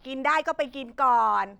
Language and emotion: Thai, frustrated